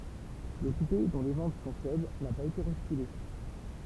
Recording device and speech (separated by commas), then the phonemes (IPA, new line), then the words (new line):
temple vibration pickup, read sentence
lə kupe dɔ̃ le vɑ̃t sɔ̃ fɛbl na paz ete ʁɛstile
Le coupé, dont les ventes sont faibles, n'a pas été restylé.